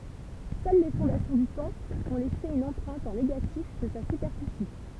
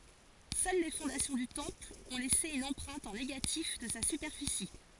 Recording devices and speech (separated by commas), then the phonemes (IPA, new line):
temple vibration pickup, forehead accelerometer, read sentence
sœl le fɔ̃dasjɔ̃ dy tɑ̃pl ɔ̃ lɛse yn ɑ̃pʁɛ̃t ɑ̃ neɡatif də sa sypɛʁfisi